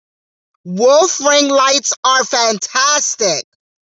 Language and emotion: English, disgusted